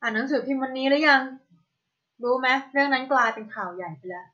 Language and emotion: Thai, neutral